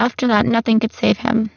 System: VC, spectral filtering